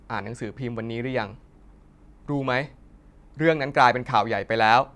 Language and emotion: Thai, angry